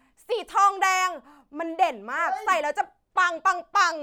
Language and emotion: Thai, happy